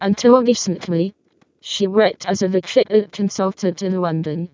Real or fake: fake